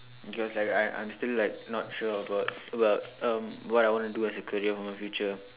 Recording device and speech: telephone, conversation in separate rooms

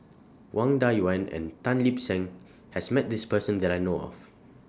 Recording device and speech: standing microphone (AKG C214), read sentence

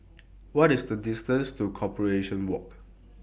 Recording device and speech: boundary microphone (BM630), read sentence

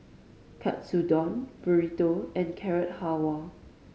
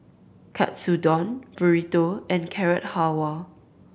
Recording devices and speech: mobile phone (Samsung C5010), boundary microphone (BM630), read sentence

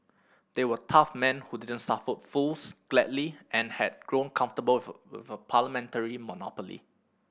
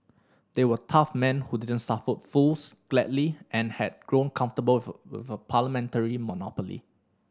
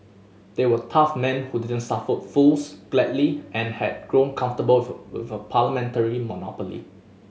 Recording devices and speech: boundary microphone (BM630), standing microphone (AKG C214), mobile phone (Samsung S8), read sentence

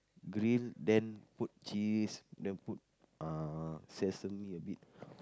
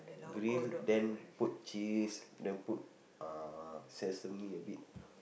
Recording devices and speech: close-talking microphone, boundary microphone, conversation in the same room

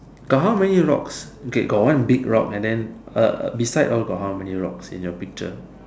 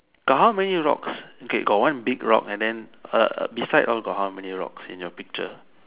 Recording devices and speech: standing microphone, telephone, conversation in separate rooms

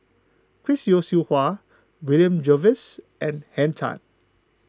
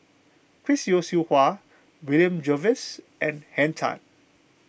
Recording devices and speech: close-talking microphone (WH20), boundary microphone (BM630), read sentence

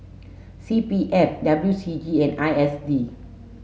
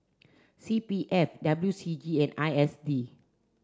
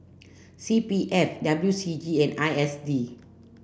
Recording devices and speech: mobile phone (Samsung S8), standing microphone (AKG C214), boundary microphone (BM630), read sentence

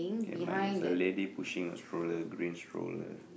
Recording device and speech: boundary microphone, conversation in the same room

